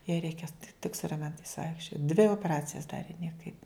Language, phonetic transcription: Lithuanian, jai ˈreikia tik su raˈmentais ˈvaikščiot dvi opeˈracijas ˈdarė nieˈkaip

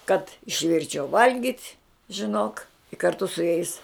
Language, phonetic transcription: Lithuanian, kad išˈvirčiau ˈvalgit' žiˈnok karˈtu su jais

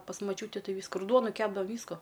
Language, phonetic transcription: Lithuanian, pas maˈčiūti ˈtai ˈvysku ir ˈduonu ˈkepdava ˈvysku

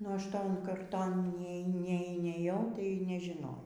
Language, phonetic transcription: Lithuanian, nu ˈaš ˈton karˈton ˈnie nie nieˈjau tai nežiˈnau

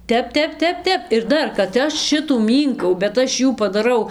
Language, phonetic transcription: Lithuanian, ˈtep ˈtep ˈtep ˈtep ir ˈdar kad ˈaš ˈšitų ˈmynkau bet ˈaš ˈjų padaˈrau

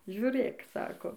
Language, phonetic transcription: Lithuanian, žiuˈrėk ˈsako

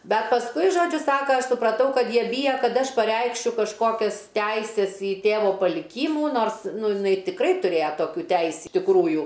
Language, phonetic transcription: Lithuanian, ˈbet pasˈkui ˈžodžiu ˈsaka ˈaš supraˈtau ˈkad ˈjie ˈbyja ˈkad ˈaš paˈreikšiu kažˈkokias ˈtæises i ˈtėvo paliˈkymų ˈnors ˈnu jiˈnai tikˈrai tuˈrėja ˈtokių ˈteis' tikˈrųju

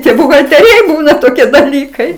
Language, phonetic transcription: Lithuanian, tie buhatelˈriai ˈbūna toˈkie daˈlykai

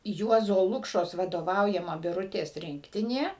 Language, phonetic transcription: Lithuanian, ˈjuozo ˈlukšos vadoˈvaujama biˈrutės ˈrinktinė

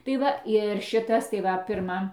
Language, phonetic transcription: Lithuanian, tai ˈva ir ˈšitas tai ˈva pirˈma

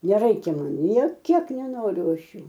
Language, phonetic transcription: Lithuanian, neˈraikia ˈman nė ˈkiek neˈnoriu ˈaš ˈjų

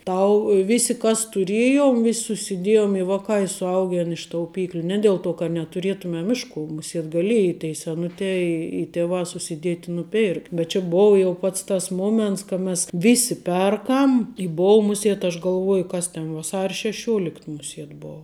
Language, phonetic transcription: Lithuanian, ˈtau ˈvisi kas tuˈrėjom vis' susiˈdėjom i ˈvakā i suˈaugen iš tauˈpykliu ˈne dėl ˈto kad netuˈrėtumem ˈiš ˌku muˈsiet gaˈlėji tei seˈnutē i i ˈtevā susiˈdiet' i nuˈpirkt' bet ˈčia ˈbova jau ˈpats tas ˈmoments ka mes ˈvisi ˈperkam i ˈbou ˈmusiet aš galˈvuoju ˈkas ten vaˈsar' šeˈšiuolikt muˈsiet ˈbou

